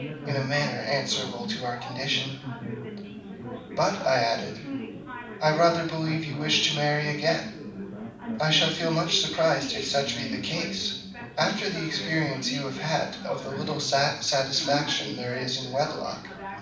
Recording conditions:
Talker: one person; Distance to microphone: 5.8 m; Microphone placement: far; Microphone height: 1.8 m; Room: medium-sized (5.7 m by 4.0 m); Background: babble

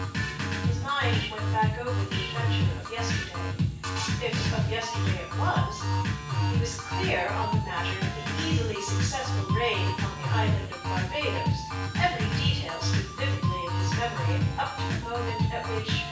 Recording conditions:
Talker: one person; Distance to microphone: 9.8 m; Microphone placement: far; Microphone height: 1.8 m; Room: large; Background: music

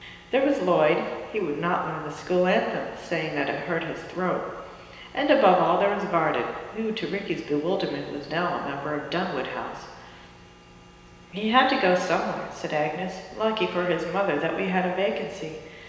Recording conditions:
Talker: one person; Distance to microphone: 1.7 m; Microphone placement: close; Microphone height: 1.0 m; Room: very reverberant, large; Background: none

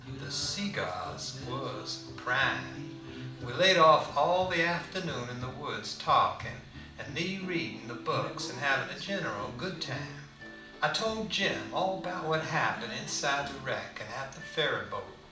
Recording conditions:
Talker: one person; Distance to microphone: 2.0 m; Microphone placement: close; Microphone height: 99 cm; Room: medium-sized (5.7 m by 4.0 m); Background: music

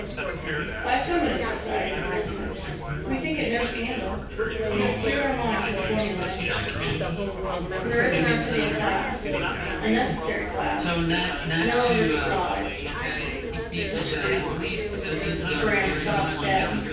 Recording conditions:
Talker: one person; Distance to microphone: 9.8 m; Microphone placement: far; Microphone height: 1.8 m; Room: large; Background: babble

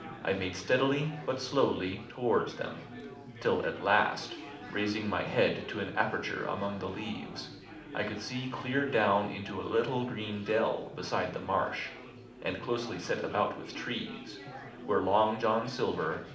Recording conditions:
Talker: one person; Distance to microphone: 2.0 m; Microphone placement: close; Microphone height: 99 cm; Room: medium-sized (5.7 m by 4.0 m); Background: babble

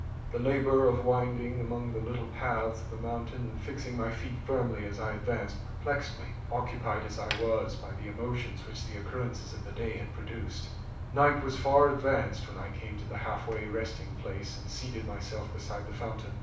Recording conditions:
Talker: one person; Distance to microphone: 5.8 m; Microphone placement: far; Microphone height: 1.8 m; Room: medium-sized (5.7 m by 4.0 m); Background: none

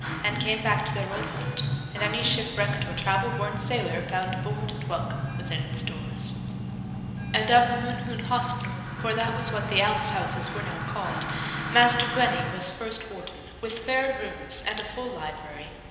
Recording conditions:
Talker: one person; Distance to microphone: 1.7 m; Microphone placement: close; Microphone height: 1.0 m; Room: very reverberant, large; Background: music

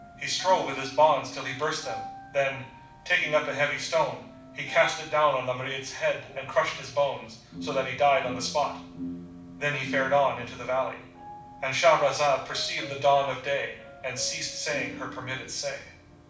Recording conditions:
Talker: one person; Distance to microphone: 5.8 m; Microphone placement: far; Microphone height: 1.8 m; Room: medium-sized (5.7 m by 4.0 m); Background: music

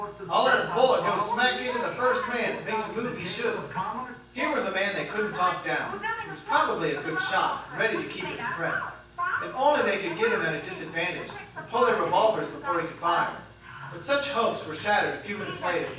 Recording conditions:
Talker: one person; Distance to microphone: 9.8 m; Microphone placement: far; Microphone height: 1.8 m; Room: large; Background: television

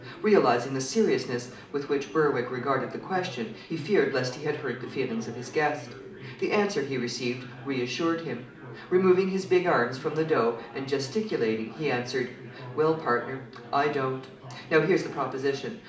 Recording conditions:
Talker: one person; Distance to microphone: 2.0 m; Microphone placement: close; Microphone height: 99 cm; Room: medium-sized (5.7 m by 4.0 m); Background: babble

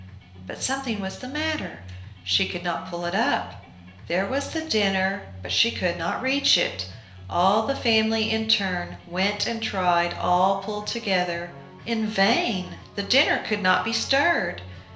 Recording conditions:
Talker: one person; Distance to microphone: 1.0 m; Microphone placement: close; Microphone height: 1.1 m; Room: small (3.7 m by 2.7 m); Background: music

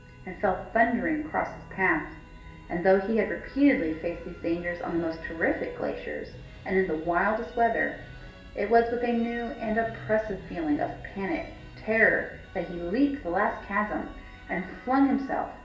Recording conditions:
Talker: one person; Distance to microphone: 1.8 m; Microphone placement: close; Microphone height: 1.0 m; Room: large; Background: music

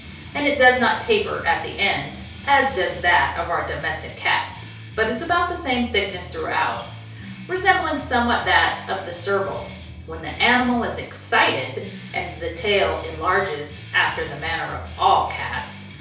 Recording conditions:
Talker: one person; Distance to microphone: 3.0 m; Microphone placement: far; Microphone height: 1.8 m; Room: small (3.7 m by 2.7 m); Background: music

